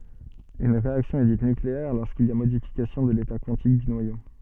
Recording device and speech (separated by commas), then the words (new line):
soft in-ear microphone, read sentence
Une réaction est dite nucléaire lorsqu'il y a modification de l'état quantique du noyau.